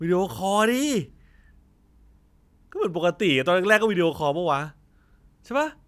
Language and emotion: Thai, frustrated